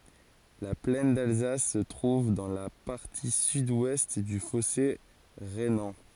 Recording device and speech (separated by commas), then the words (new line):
forehead accelerometer, read sentence
La plaine d'Alsace se trouve dans la partie sud-ouest du fossé rhénan.